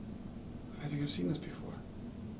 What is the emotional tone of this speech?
neutral